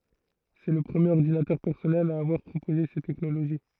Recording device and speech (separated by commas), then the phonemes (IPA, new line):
throat microphone, read sentence
sɛ lə pʁəmjeʁ ɔʁdinatœʁ pɛʁsɔnɛl a avwaʁ pʁopoze sɛt tɛknoloʒi